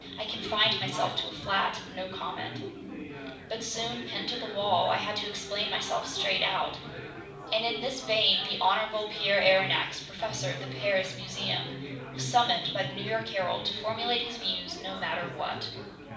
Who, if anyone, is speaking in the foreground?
One person.